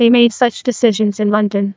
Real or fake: fake